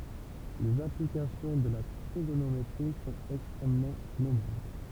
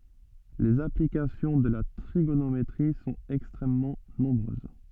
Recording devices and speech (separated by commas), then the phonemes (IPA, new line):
temple vibration pickup, soft in-ear microphone, read sentence
lez aplikasjɔ̃ də la tʁiɡonometʁi sɔ̃t ɛkstʁɛmmɑ̃ nɔ̃bʁøz